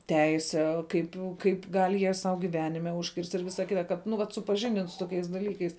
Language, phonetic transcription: Lithuanian, ˈteise ˈkaip kaip ˈgal' jie sau giˈvenime užˈkirst' ir ˈvisa ˈkita ˈkad nu ˈvat supaˈžindin su toˈkiais daˈlykais

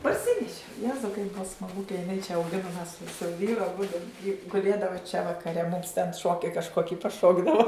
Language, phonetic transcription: Lithuanian, parˈsineši ˈjezau kaip ˈbua smaˈgu ka jiˈnai čia auˈginum mes su su ˈvyru aˈbudu ji guˈlėdavo čia vakaˈre mums ten ˈšoki kažˈkoki paˈšokdavo

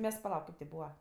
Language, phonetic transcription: Lithuanian, ˈmes paˈlauk ˈkaip ti ˈbūva

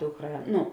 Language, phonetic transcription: Lithuanian, ˈdukˌrā ˈnu

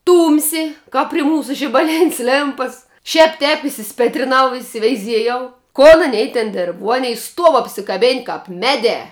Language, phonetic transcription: Lithuanian, ˈtūmsi ˈkap pri ˈmūsu žibaˈlin's' ˈlėmpas šēp tēp isiˈspėtrinau isiveiˈziejau kon aˈnei ten ˈdėrb vuo ˈanei ˈstuov apsiˈkabėn' kap ˈmeˌdē

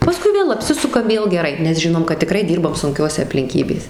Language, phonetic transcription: Lithuanian, paˈskui ˈvėl apˈsisukam ˈvėl geˈrai nes ˈžinom kad tiˈkrai ˈdyrbam sunˈkiose aplinˈkybės

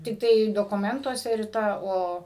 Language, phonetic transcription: Lithuanian, tikˈtai dokuˈmentuose riˈta ˈo

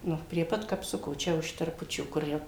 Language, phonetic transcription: Lithuanian, ˈnu prie ˈpat kapˈsuko ˈčia už terˈpučių kur ˈjau

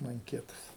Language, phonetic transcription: Lithuanian, manˈkietas

